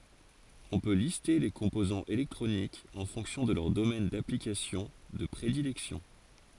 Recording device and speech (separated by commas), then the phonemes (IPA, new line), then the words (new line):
forehead accelerometer, read sentence
ɔ̃ pø liste le kɔ̃pozɑ̃z elɛktʁonikz ɑ̃ fɔ̃ksjɔ̃ də lœʁ domɛn daplikasjɔ̃ də pʁedilɛksjɔ̃
On peut lister les composants électroniques en fonction de leur domaine d'application de prédilection.